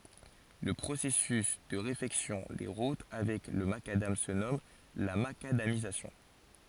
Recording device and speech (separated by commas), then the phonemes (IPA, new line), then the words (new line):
forehead accelerometer, read sentence
lə pʁosɛsys də ʁefɛksjɔ̃ de ʁut avɛk lə makadam sə nɔm la makadamizasjɔ̃
Le processus de réfection des routes avec le macadam se nomme la macadamisation.